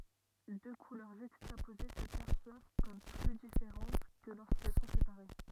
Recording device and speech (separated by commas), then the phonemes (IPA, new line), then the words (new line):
rigid in-ear microphone, read sentence
dø kulœʁ ʒykstapoze sə pɛʁswav kɔm ply difeʁɑ̃t kə loʁskɛl sɔ̃ sepaʁe
Deux couleurs juxtaposées se perçoivent comme plus différentes que lorsqu'elles sont séparées.